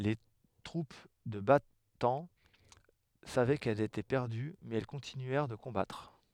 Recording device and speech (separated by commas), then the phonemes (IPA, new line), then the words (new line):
headset microphone, read sentence
le tʁup də bataɑ̃ savɛ kɛlz etɛ pɛʁdy mɛz ɛl kɔ̃tinyɛʁ də kɔ̃batʁ
Les troupes de Bataan savaient qu'elles étaient perdues mais elles continuèrent de combattre.